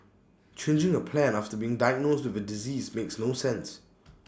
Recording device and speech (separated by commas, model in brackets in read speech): standing microphone (AKG C214), read sentence